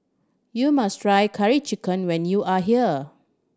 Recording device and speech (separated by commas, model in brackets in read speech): standing microphone (AKG C214), read sentence